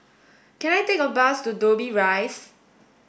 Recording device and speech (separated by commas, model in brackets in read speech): boundary microphone (BM630), read sentence